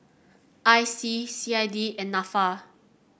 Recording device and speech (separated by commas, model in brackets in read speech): boundary microphone (BM630), read sentence